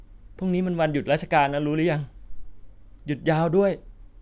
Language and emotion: Thai, frustrated